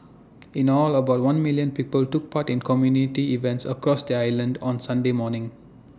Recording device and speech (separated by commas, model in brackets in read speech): standing microphone (AKG C214), read sentence